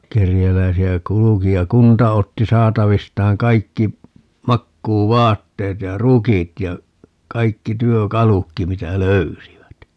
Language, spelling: Finnish, kerjäläisiä kulki ja kunta otti saatavistaan kaikki makuuvaatteet ja rukit ja kaikki työkalutkin mitä löysivät
- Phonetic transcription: 'kerjäläisi₍ä "kuluki ja "kunta otti 'saatavistaaŋ 'kaikki , 'makkuu"vaatteet ja "rukit ja , 'kaikki 'työ"kalukki 'mitä "löysivät .

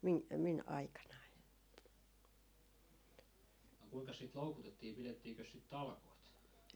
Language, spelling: Finnish, - minun aikanani
- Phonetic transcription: 'mi- , 'min aikanai .

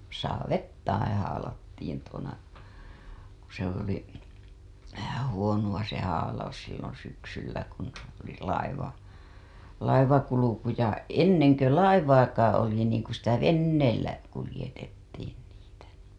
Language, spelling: Finnish, saaveittain haalattiin tuona kun se oli vähän huonoa se haalaus silloin syksyllä kun oli - laivankulku ja ennen kuin laivaakaan oli niin kun sitä veneellä kuljetettiin niitä
- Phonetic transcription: 'saavettaiḭ haalattiin tuona§ , ku se ‿oli , vähä huonu‿a se haalaus sillon̬ syksyllä kun , oli laiva- , 'laivakuluku ja , "enneŋ kö "laivaakaaa̰ oli niiŋ ku sitä "venneellä , kulĭjetettiin niitä .

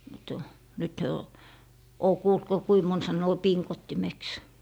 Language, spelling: Finnish, mutta nyt he on olen kuullut kun kuinka moni sanoo pingottimeksi
- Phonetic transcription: mut , nyt hyö o , 'oo 'kuult ko 'kui 'mon 'sannoo "piŋkottimeks .

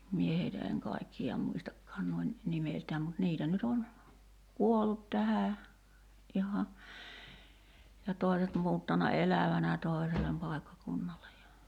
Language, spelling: Finnish, minä heitä en kaikkia muistakaan noin nimeltään mutta niitä nyt on kuollut tähän ihan ja toiset muuttanut elävänä toiselle paikkakunnalle ja
- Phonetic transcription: 'mie heitä eŋ 'kaikki₍a "muistakkaan nuoin , 'nimeltääm mut 'niitä nyt ‿on , "kuollut 'tähä , '’iha , ja 'tòi̬set muuttana "elävänä 'tòi̬selem 'pài̬kkakunnale ja .

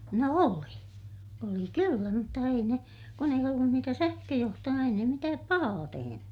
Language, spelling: Finnish, no oli oli kyllä mutta ei ne kun ei ollut niitä sähköjohtoja ei ne mitään pahaa tehnyt
- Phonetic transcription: no oli , oli kyllä mutta ei ne , kun ei ollun niitä sähköjohtoja ei ne mitääp pahaa teheny .

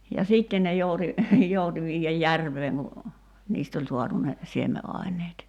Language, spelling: Finnish, ja sitten ne jouti jouti viedä järveen kun niistä oli saatu ne siemenaineet
- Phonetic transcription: ja "siitten ne jouti , 'jouti viijäj "järv̀eeŋ ku , 'niist ‿oĺ suatu ne , 'sieme’ài̬ǹeet .

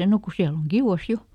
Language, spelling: Finnish, no kun siellä on kiuas jo
- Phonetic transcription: » ˈno ˈku ˈsiäl ‿oŋ "Giuʷas "jo ! »

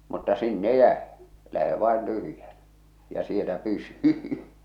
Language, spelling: Finnish, mutta sinne jäi lähde vain tyhjänä ja siellä pysy
- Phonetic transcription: mutta 'sinne "jäe , 'lähe vàen 'tyhʸjänä , ja 'sielä 'pysy .

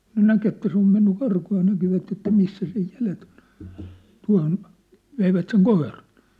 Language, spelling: Finnish, kun näki että se on mennyt karkuun ja näkivät että missä sen jäljet on tuohon veivät sen koiran
- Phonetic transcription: kŭn "näk ‿että se ‿om menny "karkuu ja näkivät että 'missä sej 'jälet ‿ᴏɴ , 'tua̭hon , 'veivät seŋ "koiran̬ .

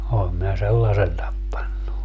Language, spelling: Finnish, olen minä sellaisen tappanut
- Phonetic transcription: 'oom minä "sellasen 'tappannu .

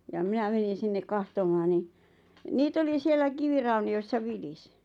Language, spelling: Finnish, ja minä menin sinne katsomaan niin niitä oli siellä kivirauniossa vilisi
- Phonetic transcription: ja 'minä 'menin̬ 'sinneʿᵏʾ 'kahtom̆maan ni , 'niit ‿oli 'siellä 'kivirauni₍ossa "vilisɪ .

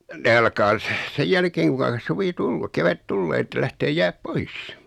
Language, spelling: Finnish, ne alkaa - sen jälkeen kuinka suvi - kevät tulee että lähtee jäät pois
- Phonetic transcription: 'ne alkaa s- , 'sej jälkeeŋ kuŋka , 'suvi "tul-lu- 'kevät "tullee että lähtee 'jää(t) "pois .

